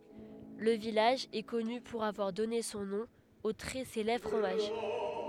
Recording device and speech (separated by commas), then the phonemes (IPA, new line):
headset microphone, read sentence
lə vilaʒ ɛ kɔny puʁ avwaʁ dɔne sɔ̃ nɔ̃ o tʁɛ selɛbʁ fʁomaʒ